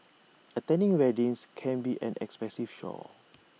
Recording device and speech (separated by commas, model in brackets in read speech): mobile phone (iPhone 6), read sentence